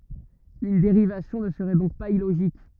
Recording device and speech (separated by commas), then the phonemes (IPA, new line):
rigid in-ear microphone, read sentence
yn deʁivasjɔ̃ nə səʁɛ dɔ̃k paz iloʒik